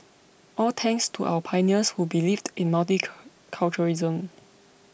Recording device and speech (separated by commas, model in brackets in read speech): boundary microphone (BM630), read sentence